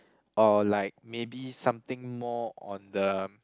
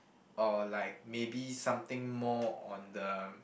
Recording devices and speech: close-talking microphone, boundary microphone, conversation in the same room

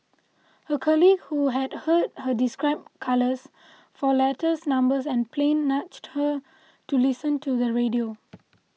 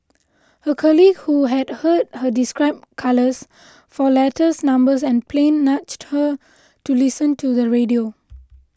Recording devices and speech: mobile phone (iPhone 6), close-talking microphone (WH20), read sentence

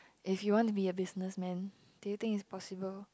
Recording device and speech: close-talking microphone, conversation in the same room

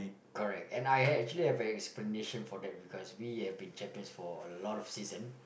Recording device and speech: boundary microphone, conversation in the same room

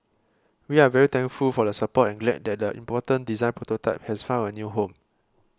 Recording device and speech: close-talking microphone (WH20), read sentence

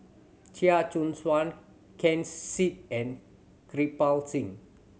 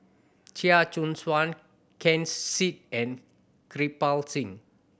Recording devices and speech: mobile phone (Samsung C7100), boundary microphone (BM630), read sentence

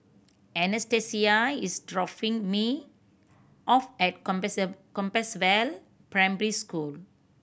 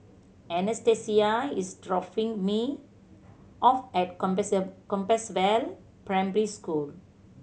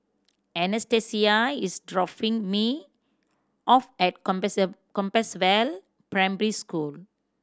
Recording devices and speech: boundary microphone (BM630), mobile phone (Samsung C7100), standing microphone (AKG C214), read sentence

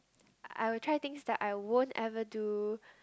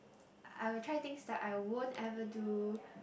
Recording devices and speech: close-talking microphone, boundary microphone, conversation in the same room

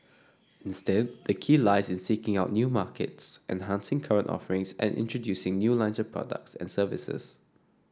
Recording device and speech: standing microphone (AKG C214), read sentence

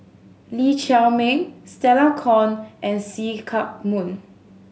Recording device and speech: mobile phone (Samsung S8), read sentence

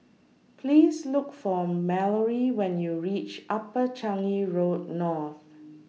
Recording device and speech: mobile phone (iPhone 6), read sentence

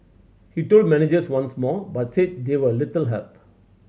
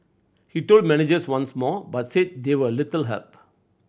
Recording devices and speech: mobile phone (Samsung C7100), boundary microphone (BM630), read sentence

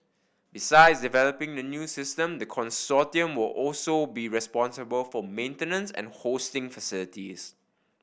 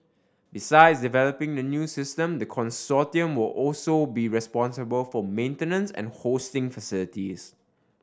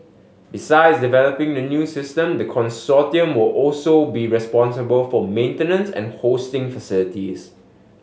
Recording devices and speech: boundary microphone (BM630), standing microphone (AKG C214), mobile phone (Samsung S8), read sentence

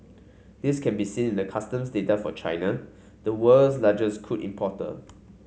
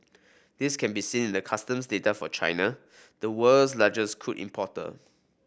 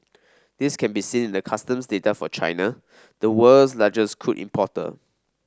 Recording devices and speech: mobile phone (Samsung C5), boundary microphone (BM630), standing microphone (AKG C214), read sentence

